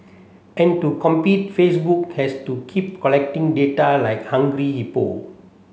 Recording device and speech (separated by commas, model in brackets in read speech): mobile phone (Samsung C7), read sentence